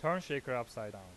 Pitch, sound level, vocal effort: 125 Hz, 91 dB SPL, very loud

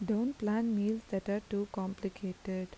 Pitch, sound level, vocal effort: 205 Hz, 80 dB SPL, soft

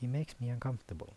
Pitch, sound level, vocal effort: 120 Hz, 76 dB SPL, soft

